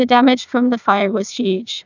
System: TTS, neural waveform model